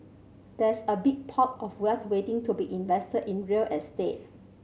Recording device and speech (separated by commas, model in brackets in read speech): mobile phone (Samsung C7100), read sentence